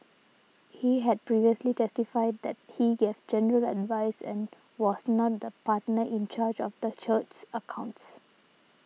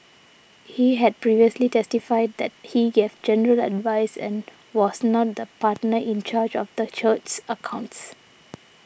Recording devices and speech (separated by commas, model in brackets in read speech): mobile phone (iPhone 6), boundary microphone (BM630), read sentence